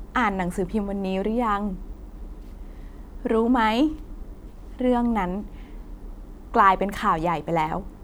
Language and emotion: Thai, frustrated